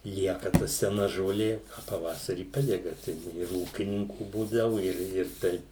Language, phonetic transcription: Lithuanian, ˈlieka ta seˈna žoˈlė o paˈvasarį ˈpadega ˈtai ir ir ˈūkininkų ˈbūdavu ir ir ˈtaip

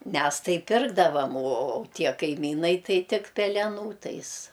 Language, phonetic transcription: Lithuanian, ˈmes ˈtai ˈpirkdavam o o o ˈtie kaiˈmynai ˈtai ˈtik peleˈnų ˈtais

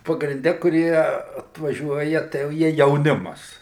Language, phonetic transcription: Lithuanian, pagrinˈde kuˈrie atvaˈžiuoja tai jau ˈjie jauˈnimas

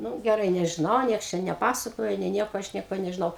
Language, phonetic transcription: Lithuanian, ˈnu geˈrai nežiˈnau ˈnieks ˈčia neˈpasakoja nė ˈnieko ˈaš ˈnieko nežiˈnau

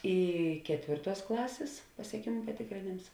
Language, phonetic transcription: Lithuanian, ˈy ˈketvėrˌtuos ˈklasės pasieˈkėmu patėkrėˈnėms

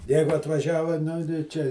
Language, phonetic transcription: Lithuanian, ˈjeigu atvaˈžiava ˈnu tai ˈčia

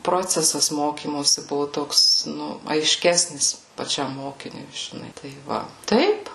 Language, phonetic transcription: Lithuanian, ˈprocesas ˈmokymosi ˈbuvu ˈtoks ˈnu aiˈškesnis paˈčiam ˈmokiniui žiˈnai tai ˈva ˈtaip

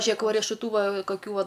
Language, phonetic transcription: Lithuanian, ˈžiek va riešuˈtų ˈva kaˈkių ˈva

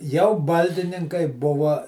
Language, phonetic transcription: Lithuanian, jau ˈbaldininkai ˈbuva

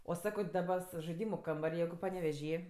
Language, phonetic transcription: Lithuanian, o ˈsako ˈdaba s žaiˈdymu ˈkambar' ˈjeigu paneveˈžy

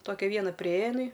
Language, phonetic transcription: Lithuanian, ˈtokia ˈviena priˈėja iˈnai

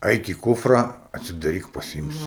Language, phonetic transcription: Lithuanian, ˈaik į ˈkufrą atsidaˈryk paˈsimsi

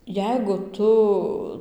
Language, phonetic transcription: Lithuanian, ˈjeigu ˈtu

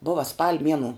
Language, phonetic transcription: Lithuanian, ˈbova spal' ˈmienu

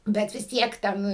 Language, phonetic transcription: Lithuanian, ˈbet vis ˈtiek ˈten

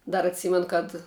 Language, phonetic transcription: Lithuanian, ˈdar atˈsymen kad

